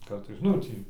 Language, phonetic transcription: Lithuanian, ˈkartais ˈnu tį

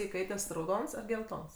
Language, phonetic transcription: Lithuanian, iˈkaites rauˈdons ar gelˈtons

